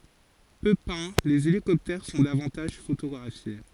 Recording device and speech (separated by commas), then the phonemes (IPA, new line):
forehead accelerometer, read sentence
pø pɛ̃ lez elikɔptɛʁ sɔ̃ davɑ̃taʒ fotoɡʁafje